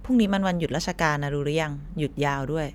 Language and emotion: Thai, neutral